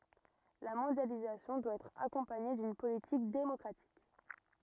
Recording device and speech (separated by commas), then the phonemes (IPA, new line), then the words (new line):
rigid in-ear microphone, read sentence
la mɔ̃djalizasjɔ̃ dwa ɛtʁ akɔ̃paɲe dyn politik demɔkʁatik
La mondialisation doit être accompagnée d'une politique démocratique.